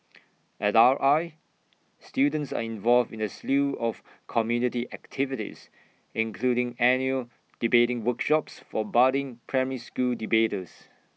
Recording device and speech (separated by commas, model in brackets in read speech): mobile phone (iPhone 6), read sentence